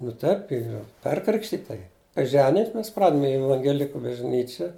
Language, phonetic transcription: Lithuanian, nu ˈtaip ˈyr ˈperkrikštita ji kai ˈženijumis ˈmes ˈpradmi i evangeˈliku bažˈnyčia

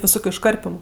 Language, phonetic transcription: Lithuanian, viˈsokiu išˈkarpimu

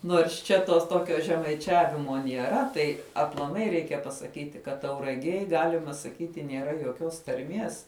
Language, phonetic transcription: Lithuanian, nuors ˈčia tos ˈtokio žemaiˈčiavimo nieˈra ˈtai aplaˈmai ˈreikia pasaˈkyti ˈkad tauraˈgėj ˈgalima saˈkyti nėˈra joˈkios tarˈmies

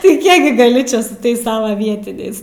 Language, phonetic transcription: Lithuanian, tai ˈkiek gi gaˈli ˈčia su ˈtais ˈsava ˈvietiniais

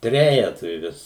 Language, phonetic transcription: Lithuanian, ˈtrejetui ˈvis

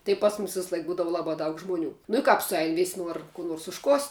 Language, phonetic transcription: Lithuanian, tai ˈpas mumis visˈlaik ˈbūdavu ˈlabā daug ˈžmuˌnių nu i ˈkāp suˈein vis' ˈnuor kų ˈnors užˈkost'

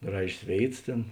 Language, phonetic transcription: Lithuanian, ˈgražės ˈvėits ˈtėn

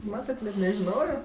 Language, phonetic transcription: Lithuanian, ˈmatat net nežiˈnojo

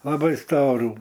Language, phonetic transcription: Lithuanian, laˈbai ˈstorų

